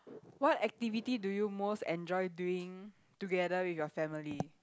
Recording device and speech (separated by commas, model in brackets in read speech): close-talking microphone, conversation in the same room